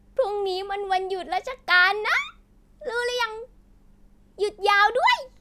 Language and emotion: Thai, happy